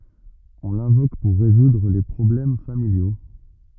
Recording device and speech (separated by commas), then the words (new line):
rigid in-ear microphone, read sentence
On l'invoque pour résoudre les problèmes familiaux.